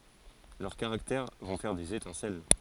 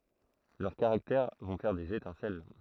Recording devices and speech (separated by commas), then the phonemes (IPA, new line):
forehead accelerometer, throat microphone, read sentence
lœʁ kaʁaktɛʁ vɔ̃ fɛʁ dez etɛ̃sɛl